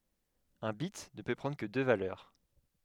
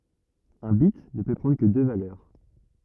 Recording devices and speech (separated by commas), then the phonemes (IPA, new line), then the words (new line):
headset microphone, rigid in-ear microphone, read sentence
œ̃ bit nə pø pʁɑ̃dʁ kə dø valœʁ
Un bit ne peut prendre que deux valeurs.